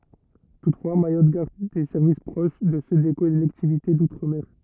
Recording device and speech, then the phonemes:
rigid in-ear microphone, read sentence
tutfwa majɔt ɡaʁd de sɛʁvis pʁoʃ də sø de kɔlɛktivite dutʁ mɛʁ

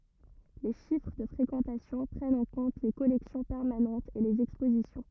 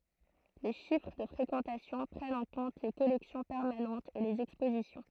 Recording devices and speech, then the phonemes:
rigid in-ear microphone, throat microphone, read sentence
le ʃifʁ də fʁekɑ̃tasjɔ̃ pʁɛnt ɑ̃ kɔ̃t le kɔlɛksjɔ̃ pɛʁmanɑ̃tz e lez ɛkspozisjɔ̃

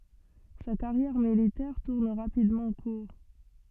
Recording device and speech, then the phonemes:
soft in-ear microphone, read sentence
sa kaʁjɛʁ militɛʁ tuʁn ʁapidmɑ̃ kuʁ

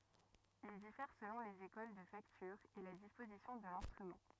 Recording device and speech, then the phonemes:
rigid in-ear microphone, read sentence
il difɛʁ səlɔ̃ lez ekol də faktyʁ e la dispozisjɔ̃ də lɛ̃stʁymɑ̃

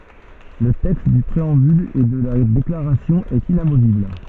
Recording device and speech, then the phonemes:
soft in-ear microphone, read sentence
lə tɛkst dy pʁeɑ̃byl e də la deklaʁasjɔ̃ ɛt inamovibl

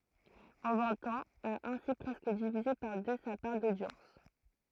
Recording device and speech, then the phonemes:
throat microphone, read sentence
ɑ̃ vɛ̃t ɑ̃z a ɛ̃si pʁɛskə divize paʁ dø sa paʁ dodjɑ̃s

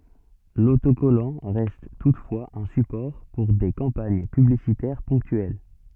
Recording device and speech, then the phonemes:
soft in-ear microphone, read sentence
lotokɔlɑ̃ ʁɛst tutfwaz œ̃ sypɔʁ puʁ de kɑ̃paɲ pyblisitɛʁ pɔ̃ktyɛl

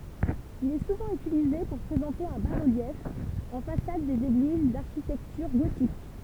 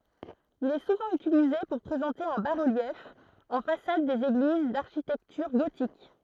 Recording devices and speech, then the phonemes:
temple vibration pickup, throat microphone, read sentence
il ɛ suvɑ̃ ytilize puʁ pʁezɑ̃te œ̃ ba ʁəljɛf ɑ̃ fasad dez eɡliz daʁʃitɛktyʁ ɡotik

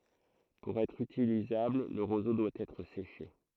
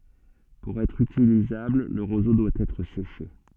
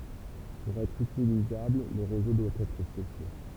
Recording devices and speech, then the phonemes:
throat microphone, soft in-ear microphone, temple vibration pickup, read sentence
puʁ ɛtʁ ytilizabl lə ʁozo dwa ɛtʁ seʃe

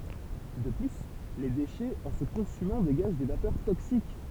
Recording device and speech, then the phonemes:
temple vibration pickup, read sentence
də ply le deʃɛz ɑ̃ sə kɔ̃symɑ̃ deɡaʒ de vapœʁ toksik

